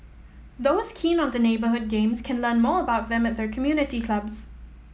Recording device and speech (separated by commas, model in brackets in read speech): mobile phone (iPhone 7), read sentence